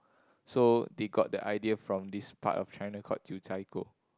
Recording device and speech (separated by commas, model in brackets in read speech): close-talking microphone, conversation in the same room